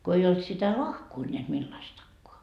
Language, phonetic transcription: Finnish, ko ei olt sitä "lahkoo ńeät millaistakkoa .
- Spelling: kun ei ollut sitä lahkoa näet millaistakaan

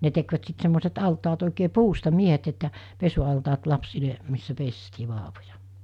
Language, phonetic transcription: Finnish, ne tekvät sit semmoset 'altaat òike "puusta 'miehet että , 'pesu₍altaat lapsile , missä 'pestii 'vaavoja .
- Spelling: ne tekivät sitten semmoiset altaat oikein puusta miehet että pesualtaat lapsille missä pestiin vauvoja

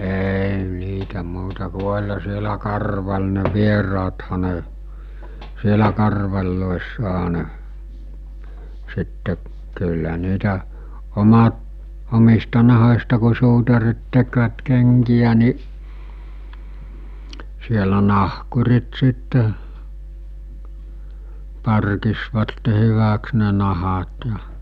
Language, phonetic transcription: Finnish, 'èi 'niitä 'muuta ku 'oĺha sielä 'karval ne 'vieraatha ne , 'sielä karvaĺloessaɦa ne , sitte , kyllä niitä , 'omat , 'omista naho͕sta ku suutarit tekvät 'keŋkijä ni , sielä 'nahkurit sitte , 'parkisvatte 'hyväks ne nahat ja .
- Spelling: ei niitä muuta kuin olihan siellä karvari ne vieraathan ne siellä karvareissahan ne sitten kyllä niitä omat omista nahoista kun suutarit tekivät kenkiä niin siellä nahkurit sitten parkitsivat hyväksi ne nahat ja

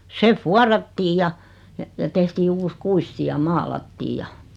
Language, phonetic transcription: Finnish, 'se "fuarattiij ja , ja ja tehtii 'uus "kuisti ja "maalattiij ja .
- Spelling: se vuorattiin ja ja ja tehtiin uusi kuisti ja maalattiin ja

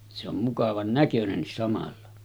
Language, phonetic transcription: Finnish, se ‿om mukavan 'näkönennis samalla .
- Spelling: se on mukavan näköinenkin samalla

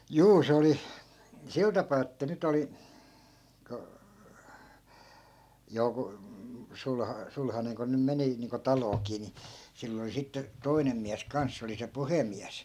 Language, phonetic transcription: Finnish, 'juu 'se oli , 'sil tapaa että 'nyt ‿oli , ko , 'joku , 'sul- , 'sulhaneŋ ko nym 'meni , niiŋko 'talookii ni , 'sill ‿oli 'sitte , 'toi̮nem miäs 'kans 'se oli se "puhemiäs .
- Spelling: juu se oli sillä tapaa että nyt oli kun joku - sulhanen kun nyt meni niin kuin taloonkin niin sillä oli sitten toinen mies kanssa se oli se puhemies

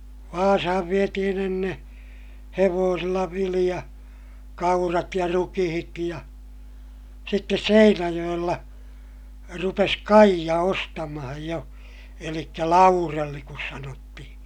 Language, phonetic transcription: Finnish, Vaasahav vietihin ‿enneè , hevoosilla viliʲa , kaurat ja rukihit ja , sittes Seinäjoʲella , rupes Kaija ostamahaj jo , elikkä Laurelli kus sanottihiḭ .
- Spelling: Vaasaan vietiin ennen hevosilla vilja kaurat ja rukiit ja sitten Seinäjoella rupesi Kaija ostamaan jo eli Laurell kun sanottiin

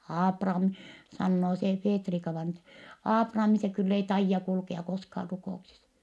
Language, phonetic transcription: Finnish, » Aapram(i) » , sannoo see Feetrika-vaina (ettɛ) » Aaprami se kyll ‿ei taijja kulkea koskaar ruko₍uksis ? »
- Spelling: Aaprami sanoo se Feetrika-vainaja että Aaprami se kyllä ei taida kulkea koskaan rukouksissa

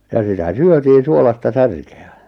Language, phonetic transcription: Finnish, ja 'sitä "syötiin̬ suolasta 'särke₍ä .
- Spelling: ja sitä syötiin suolaista särkeä

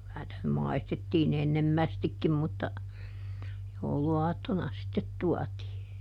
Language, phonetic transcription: Finnish, ˈky₍ä nⁱtä nym "maistettiiˈn ‿ennemmästikkim mutta , ˈjouluaattona sittet ˈtuatii .
- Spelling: kyllä niitä nyt maistettiin ennemmästikin mutta jouluaattona sitten tuotiin

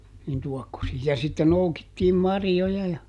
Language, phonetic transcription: Finnish, nin ˈtuɔkkosii - ja sitte ˈnoukittiim ˈmarjjoja ja ,.
- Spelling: niin tuokkosiin ja sitten noukittiin marjoja ja

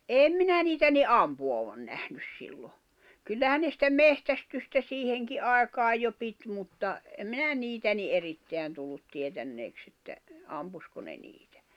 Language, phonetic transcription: Finnish, eme minä 'niitä ni "’ampu₍avan 'nähnys sillo , kyllähän ne sⁱtä "mehtästystä 'siiheŋki ’àekaaj jo 'pit mutta , em mi̬nä "niitä ni '’eritteän tullut 'tietänneeks ‿että , 'ampusko ne 'niitᴀ̈ .
- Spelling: en minä niitä niin ampuvan nähnyt silloin kyllähän ne sitä metsästystä siihenkin aikaan jo piti mutta en minä niitä niin erittäin tullut tietäneeksi että ampuiko ne niitä

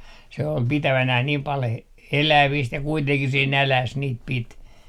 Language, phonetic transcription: Finnish, se ol "pitävänäh niim 'pal he- , "eläviist ja kuiteŋkih se "näläs niit 'pit .
- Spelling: se oli pitävinään niin paljon - elävistä ja kuitenkin se nälässä niitä piti

